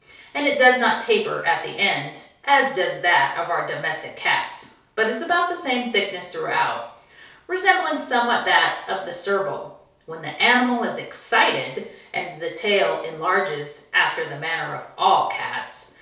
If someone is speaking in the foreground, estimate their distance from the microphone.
3.0 m.